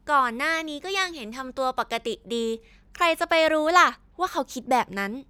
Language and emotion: Thai, neutral